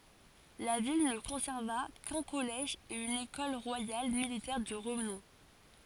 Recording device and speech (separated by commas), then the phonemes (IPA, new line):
forehead accelerometer, read sentence
la vil nə kɔ̃sɛʁva kœ̃ kɔlɛʒ e yn ekɔl ʁwajal militɛʁ də ʁənɔ̃